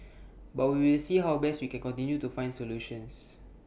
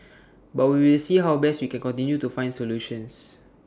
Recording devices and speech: boundary microphone (BM630), standing microphone (AKG C214), read sentence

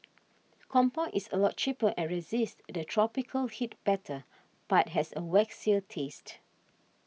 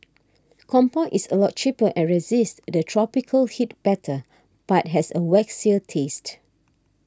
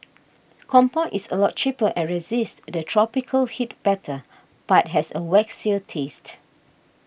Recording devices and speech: mobile phone (iPhone 6), standing microphone (AKG C214), boundary microphone (BM630), read sentence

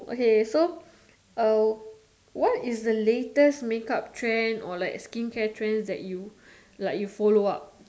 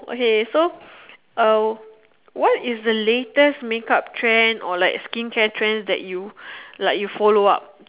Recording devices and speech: standing microphone, telephone, conversation in separate rooms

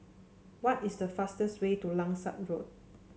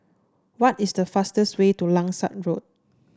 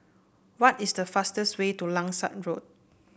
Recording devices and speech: mobile phone (Samsung C7), standing microphone (AKG C214), boundary microphone (BM630), read sentence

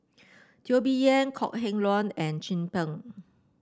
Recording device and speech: standing microphone (AKG C214), read sentence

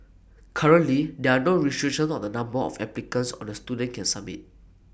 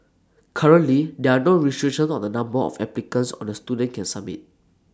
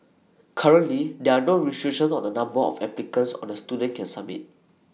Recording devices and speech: boundary microphone (BM630), standing microphone (AKG C214), mobile phone (iPhone 6), read sentence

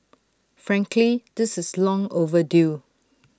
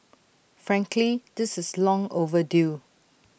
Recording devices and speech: standing microphone (AKG C214), boundary microphone (BM630), read sentence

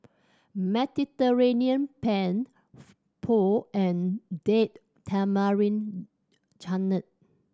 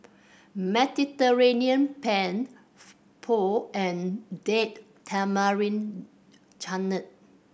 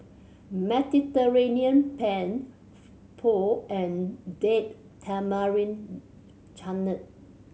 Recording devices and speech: standing microphone (AKG C214), boundary microphone (BM630), mobile phone (Samsung C7100), read sentence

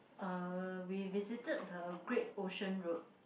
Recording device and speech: boundary microphone, conversation in the same room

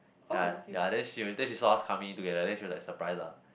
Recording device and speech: boundary microphone, conversation in the same room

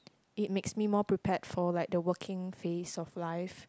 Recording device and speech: close-talking microphone, conversation in the same room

